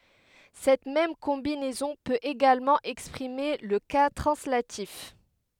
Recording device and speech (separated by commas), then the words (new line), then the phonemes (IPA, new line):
headset microphone, read sentence
Cette même combinaison peut également exprimer le cas translatif.
sɛt mɛm kɔ̃binɛzɔ̃ pøt eɡalmɑ̃ ɛkspʁime lə ka tʁɑ̃slatif